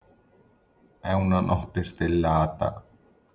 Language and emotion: Italian, sad